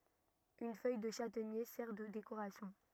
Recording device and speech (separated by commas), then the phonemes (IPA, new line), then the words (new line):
rigid in-ear microphone, read sentence
yn fœj də ʃatɛɲe sɛʁ də dekoʁasjɔ̃
Une feuille de châtaignier sert de décoration.